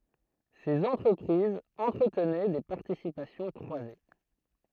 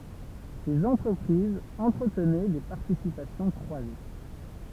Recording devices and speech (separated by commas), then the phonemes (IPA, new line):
throat microphone, temple vibration pickup, read sentence
sez ɑ̃tʁəpʁizz ɑ̃tʁətnɛ de paʁtisipasjɔ̃ kʁwaze